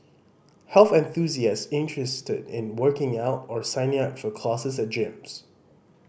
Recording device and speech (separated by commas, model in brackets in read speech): boundary microphone (BM630), read sentence